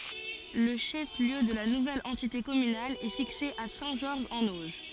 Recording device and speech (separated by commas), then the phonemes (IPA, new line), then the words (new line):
forehead accelerometer, read sentence
lə ʃɛf ljø də la nuvɛl ɑ̃tite kɔmynal ɛ fikse a sɛ̃ ʒɔʁʒ ɑ̃n oʒ
Le chef-lieu de la nouvelle entité communale est fixé à Saint-Georges-en-Auge.